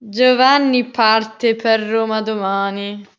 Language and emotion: Italian, disgusted